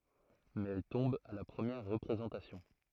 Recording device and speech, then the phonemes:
throat microphone, read sentence
mɛz ɛl tɔ̃b a la pʁəmjɛʁ ʁəpʁezɑ̃tasjɔ̃

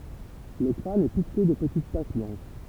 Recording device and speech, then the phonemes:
temple vibration pickup, read sentence
lə kʁan ɛ pikte də pətit taʃ blɑ̃ʃ

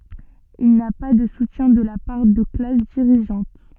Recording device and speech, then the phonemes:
soft in-ear microphone, read sentence
il na pa də sutjɛ̃ də la paʁ də klas diʁiʒɑ̃t

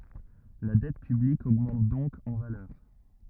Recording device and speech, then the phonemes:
rigid in-ear microphone, read sentence
la dɛt pyblik oɡmɑ̃t dɔ̃k ɑ̃ valœʁ

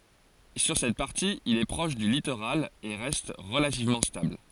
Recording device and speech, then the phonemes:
forehead accelerometer, read sentence
syʁ sɛt paʁti il ɛ pʁɔʃ dy litoʁal e ʁɛst ʁəlativmɑ̃ stabl

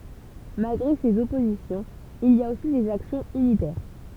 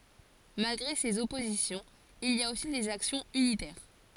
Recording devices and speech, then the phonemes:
temple vibration pickup, forehead accelerometer, read sentence
malɡʁe sez ɔpozisjɔ̃z il i a osi dez aksjɔ̃z ynitɛʁ

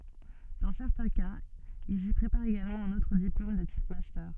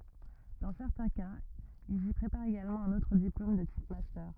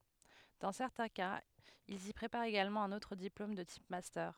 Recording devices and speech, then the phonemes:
soft in-ear microphone, rigid in-ear microphone, headset microphone, read sentence
dɑ̃ sɛʁtɛ̃ kaz ilz i pʁepaʁt eɡalmɑ̃ œ̃n otʁ diplom də tip mastœʁ

